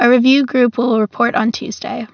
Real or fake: real